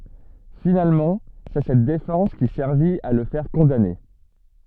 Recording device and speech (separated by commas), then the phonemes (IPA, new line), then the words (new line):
soft in-ear microphone, read sentence
finalmɑ̃ sɛ sɛt defɑ̃s ki sɛʁvit a lə fɛʁ kɔ̃dane
Finalement, c’est cette défense qui servit à le faire condamner.